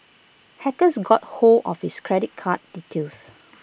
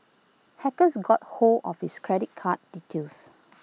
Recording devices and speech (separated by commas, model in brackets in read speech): boundary microphone (BM630), mobile phone (iPhone 6), read sentence